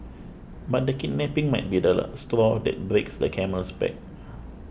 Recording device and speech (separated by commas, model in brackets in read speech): boundary microphone (BM630), read sentence